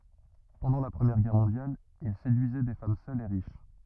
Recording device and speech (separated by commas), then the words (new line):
rigid in-ear microphone, read sentence
Pendant la Première Guerre mondiale, il séduisait des femmes seules et riches.